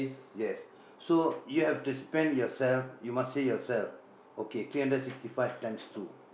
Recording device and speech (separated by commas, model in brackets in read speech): boundary microphone, conversation in the same room